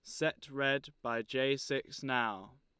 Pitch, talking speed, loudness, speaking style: 135 Hz, 150 wpm, -35 LUFS, Lombard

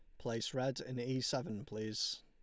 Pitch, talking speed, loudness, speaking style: 115 Hz, 175 wpm, -39 LUFS, Lombard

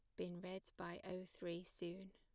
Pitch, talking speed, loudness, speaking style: 185 Hz, 185 wpm, -51 LUFS, plain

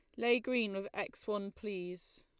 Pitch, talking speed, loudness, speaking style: 205 Hz, 180 wpm, -37 LUFS, Lombard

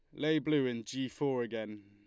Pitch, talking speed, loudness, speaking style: 125 Hz, 215 wpm, -34 LUFS, Lombard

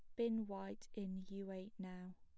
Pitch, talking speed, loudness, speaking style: 195 Hz, 180 wpm, -47 LUFS, plain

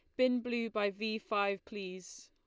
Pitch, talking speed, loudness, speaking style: 215 Hz, 175 wpm, -35 LUFS, Lombard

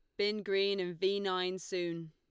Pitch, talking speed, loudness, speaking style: 185 Hz, 190 wpm, -34 LUFS, Lombard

